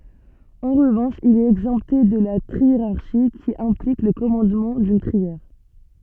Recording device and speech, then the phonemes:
soft in-ear microphone, read sentence
ɑ̃ ʁəvɑ̃ʃ il ɛt ɛɡzɑ̃pte də la tʁieʁaʁʃi ki ɛ̃plik lə kɔmɑ̃dmɑ̃ dyn tʁiɛʁ

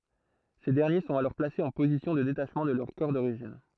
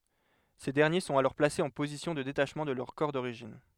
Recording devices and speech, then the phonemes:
throat microphone, headset microphone, read sentence
se dɛʁnje sɔ̃t alɔʁ plasez ɑ̃ pozisjɔ̃ də detaʃmɑ̃ də lœʁ kɔʁ doʁiʒin

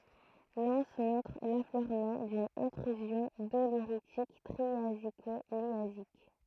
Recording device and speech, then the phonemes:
throat microphone, read sentence
lɑ̃s mɔ̃tʁ lafløʁmɑ̃ dyn ɛ̃tʁyzjɔ̃ doleʁitik tʁiaziko ljazik

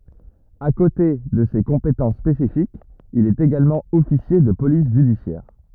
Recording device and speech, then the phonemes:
rigid in-ear microphone, read sentence
a kote də se kɔ̃petɑ̃s spesifikz il ɛt eɡalmɑ̃ ɔfisje də polis ʒydisjɛʁ

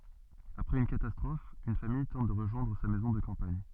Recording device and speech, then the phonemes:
soft in-ear microphone, read sentence
apʁɛz yn katastʁɔf yn famij tɑ̃t də ʁəʒwɛ̃dʁ sa mɛzɔ̃ də kɑ̃paɲ

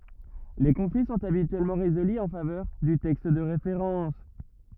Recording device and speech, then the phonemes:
rigid in-ear microphone, read sentence
le kɔ̃fli sɔ̃t abityɛlmɑ̃ ʁezoly ɑ̃ favœʁ dy tɛkst də ʁefeʁɑ̃s

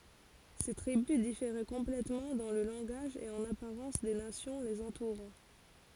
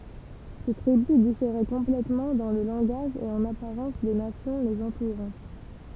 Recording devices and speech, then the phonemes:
forehead accelerometer, temple vibration pickup, read sentence
se tʁibys difeʁɛ kɔ̃plɛtmɑ̃ dɑ̃ lə lɑ̃ɡaʒ e ɑ̃n apaʁɑ̃s de nasjɔ̃ lez ɑ̃tuʁɑ̃

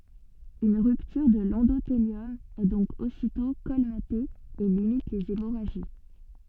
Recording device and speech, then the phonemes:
soft in-ear microphone, read sentence
yn ʁyptyʁ də lɑ̃doteljɔm ɛ dɔ̃k ositɔ̃ kɔlmate e limit lez emoʁaʒi

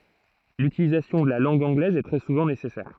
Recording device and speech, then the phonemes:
throat microphone, read sentence
lytilizasjɔ̃ də la lɑ̃ɡ ɑ̃ɡlɛz ɛ tʁɛ suvɑ̃ nesɛsɛʁ

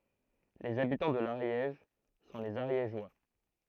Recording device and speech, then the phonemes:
throat microphone, read sentence
lez abitɑ̃ də laʁjɛʒ sɔ̃ lez aʁjeʒwa

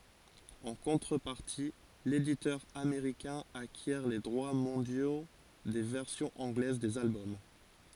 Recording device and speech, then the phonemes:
forehead accelerometer, read sentence
ɑ̃ kɔ̃tʁəpaʁti leditœʁ ameʁikɛ̃ akjɛʁ le dʁwa mɔ̃djo de vɛʁsjɔ̃z ɑ̃ɡlɛz dez albɔm

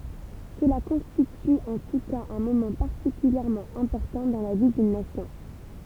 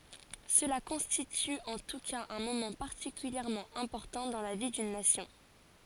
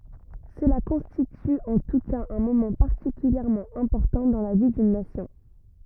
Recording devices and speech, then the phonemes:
temple vibration pickup, forehead accelerometer, rigid in-ear microphone, read sentence
səla kɔ̃stity ɑ̃ tu kaz œ̃ momɑ̃ paʁtikyljɛʁmɑ̃ ɛ̃pɔʁtɑ̃ dɑ̃ la vi dyn nasjɔ̃

